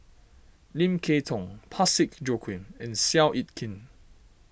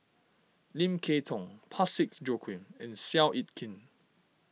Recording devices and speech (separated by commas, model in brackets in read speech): boundary microphone (BM630), mobile phone (iPhone 6), read sentence